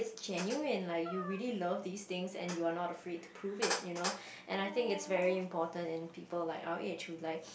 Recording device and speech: boundary microphone, conversation in the same room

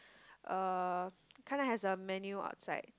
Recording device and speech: close-talking microphone, conversation in the same room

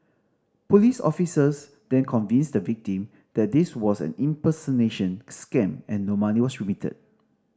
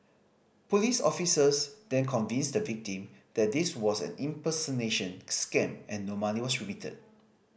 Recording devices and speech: standing microphone (AKG C214), boundary microphone (BM630), read sentence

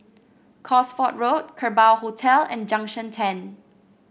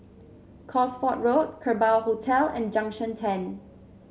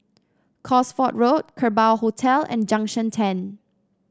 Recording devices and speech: boundary microphone (BM630), mobile phone (Samsung C7), standing microphone (AKG C214), read sentence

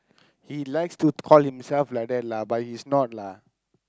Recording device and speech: close-talking microphone, conversation in the same room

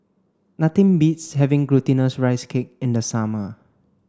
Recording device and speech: standing microphone (AKG C214), read sentence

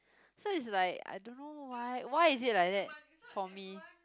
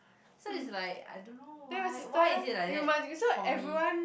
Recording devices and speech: close-talking microphone, boundary microphone, conversation in the same room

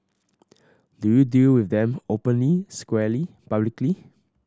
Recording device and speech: standing microphone (AKG C214), read sentence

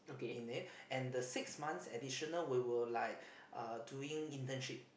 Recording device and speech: boundary microphone, conversation in the same room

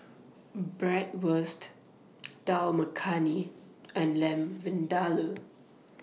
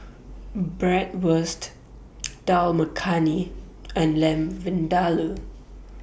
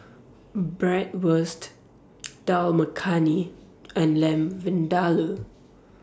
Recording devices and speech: mobile phone (iPhone 6), boundary microphone (BM630), standing microphone (AKG C214), read sentence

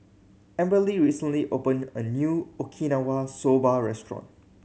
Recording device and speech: mobile phone (Samsung C7100), read sentence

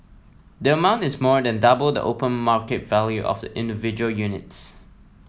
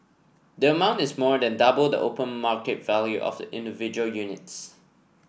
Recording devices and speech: mobile phone (iPhone 7), boundary microphone (BM630), read sentence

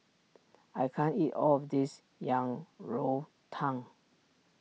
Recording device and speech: mobile phone (iPhone 6), read sentence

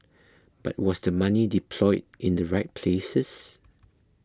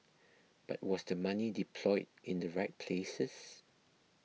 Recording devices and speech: close-talking microphone (WH20), mobile phone (iPhone 6), read sentence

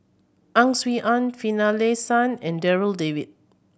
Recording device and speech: boundary microphone (BM630), read sentence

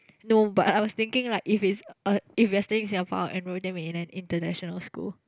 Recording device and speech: close-talking microphone, conversation in the same room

